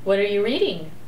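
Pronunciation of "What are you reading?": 'What are you reading?' is said with a rising intonation, which makes it sound very friendly.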